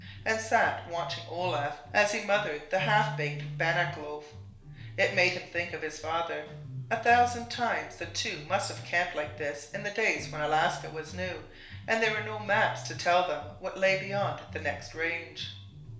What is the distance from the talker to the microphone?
1.0 m.